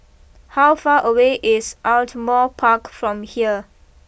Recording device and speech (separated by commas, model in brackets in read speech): boundary microphone (BM630), read sentence